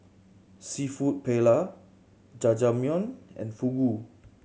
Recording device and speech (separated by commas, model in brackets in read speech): mobile phone (Samsung C7100), read sentence